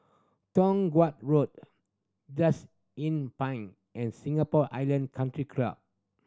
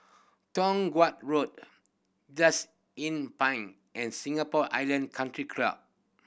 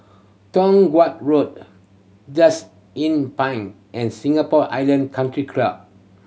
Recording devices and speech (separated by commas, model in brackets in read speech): standing microphone (AKG C214), boundary microphone (BM630), mobile phone (Samsung C7100), read sentence